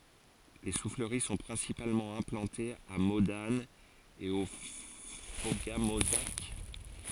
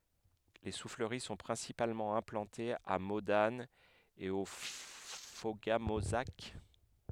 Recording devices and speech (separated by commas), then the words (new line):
forehead accelerometer, headset microphone, read sentence
Les souffleries sont principalement implantées à Modane et au Fauga-Mauzac.